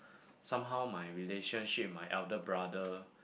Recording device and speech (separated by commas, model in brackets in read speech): boundary microphone, conversation in the same room